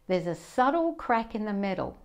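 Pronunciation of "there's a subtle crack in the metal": This sentence is said in an American or Australian accent, not a British one.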